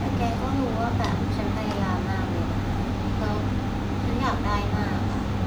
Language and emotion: Thai, sad